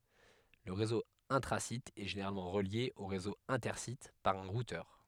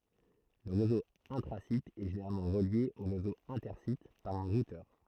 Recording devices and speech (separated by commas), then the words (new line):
headset microphone, throat microphone, read sentence
Le réseau intra-site est généralement relié au réseau inter-site par un routeur.